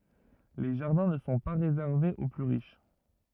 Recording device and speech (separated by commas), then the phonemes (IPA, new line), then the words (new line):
rigid in-ear microphone, read sentence
le ʒaʁdɛ̃ nə sɔ̃ pa ʁezɛʁvez o ply ʁiʃ
Les jardins ne sont pas réservés aux plus riches.